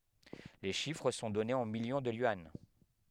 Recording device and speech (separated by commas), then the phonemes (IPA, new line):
headset microphone, read sentence
le ʃifʁ sɔ̃ dɔnez ɑ̃ miljɔ̃ də jyɑ̃